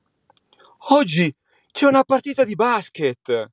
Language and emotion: Italian, surprised